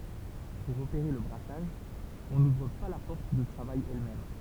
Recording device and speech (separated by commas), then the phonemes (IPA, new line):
temple vibration pickup, read sentence
puʁ opeʁe lə bʁasaʒ ɔ̃ nuvʁ pa la pɔʁt də tʁavaj ɛlmɛm